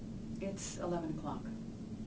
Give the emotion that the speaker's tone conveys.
neutral